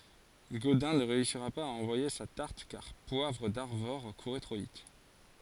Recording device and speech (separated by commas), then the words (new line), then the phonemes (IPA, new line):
forehead accelerometer, read sentence
Godin ne réussira pas à envoyer sa tarte car Poivre d'Arvor courait trop vite.
ɡodɛ̃ nə ʁeysiʁa paz a ɑ̃vwaje sa taʁt kaʁ pwavʁ daʁvɔʁ kuʁɛ tʁo vit